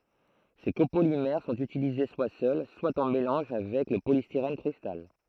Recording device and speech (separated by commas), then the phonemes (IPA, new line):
throat microphone, read sentence
se kopolimɛʁ sɔ̃t ytilize swa sœl swa ɑ̃ melɑ̃ʒ avɛk lə polistiʁɛn kʁistal